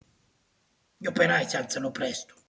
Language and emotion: Italian, angry